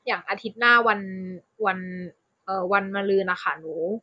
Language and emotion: Thai, neutral